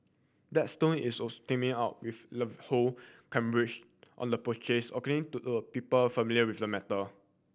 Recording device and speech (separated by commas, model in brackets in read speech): boundary microphone (BM630), read sentence